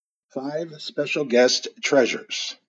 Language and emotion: English, happy